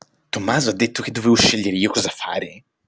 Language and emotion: Italian, surprised